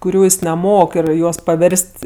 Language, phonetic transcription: Lithuanian, kuˈrių ˈjis neˈmok ir ˈjuos paˈvers't'

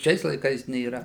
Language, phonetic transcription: Lithuanian, ˈšiais laiˈkais nėˈra

